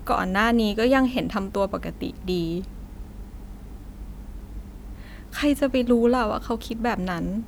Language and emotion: Thai, sad